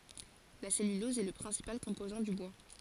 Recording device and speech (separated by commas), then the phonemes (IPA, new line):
forehead accelerometer, read sentence
la sɛlylɔz ɛ lə pʁɛ̃sipal kɔ̃pozɑ̃ dy bwa